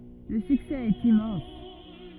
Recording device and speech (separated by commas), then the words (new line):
rigid in-ear microphone, read sentence
Le succès est immense.